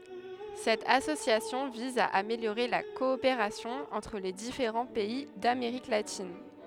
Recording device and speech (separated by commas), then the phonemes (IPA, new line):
headset microphone, read sentence
sɛt asosjasjɔ̃ viz a ameljoʁe la kɔopeʁasjɔ̃ ɑ̃tʁ le difeʁɑ̃ pɛi dameʁik latin